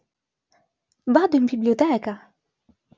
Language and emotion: Italian, surprised